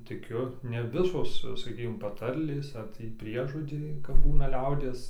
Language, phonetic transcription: Lithuanian, tiˈkiu ne ˈvisos saˈkykim paˈtarlės ar ˈtį ˈpriežodžiai kap ˈbūna ˈliaudies

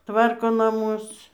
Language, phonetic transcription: Lithuanian, ˈtvarko naˈmus

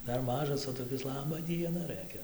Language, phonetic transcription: Lithuanian, ˈdar ˈmažas o toˈkis ˈlaba ˈdiena ˈrɘkia

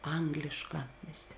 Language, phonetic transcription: Lithuanian, ˈanglišˌkā ˈvėˌsė

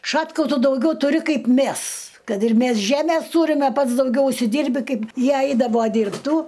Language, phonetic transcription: Lithuanian, ˈšatkau ˈtu dauˈgiau tuˈri ˈkaip ˈmæs ˈkad ir ˈmæs ˈžæmės ˈtūrime ˈpats dauˈgiau užsiˈdyrbi ˈkaip ˈjie ˈaidavo dyrbˈtų

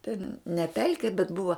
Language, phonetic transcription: Lithuanian, ten ne ˈpelki bet ˈbuva

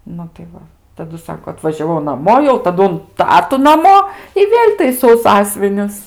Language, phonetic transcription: Lithuanian, ˈnu tai ˈva taˈdu ˈsako atvažiaˈvau naˈmo jau taˈdu un ˈtatu naˈmo i ˈvėl' taiˈsau ˈsąsvinius

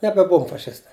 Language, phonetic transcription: Lithuanian, nebeˈbuvom faˈšistai

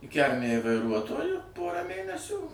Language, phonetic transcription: Lithuanian, i ˈkælmej vaiˈruotoju ˈporą ˈmėnesių

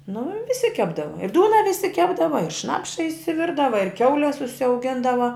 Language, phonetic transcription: Lithuanian, nu viˈsi ˈkepdava i ˈdūna viˈsi ˈkepdava ir ˈšnapša išsiˈvirdava ir ˈkiaules užsiauˈgindava

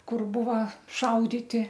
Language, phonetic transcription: Lithuanian, ˈkur ˈbuva ˈšauditi

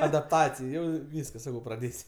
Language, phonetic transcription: Lithuanian, adapˈtacij ˈjau ˈvyskas ˈsakau praˈdės'

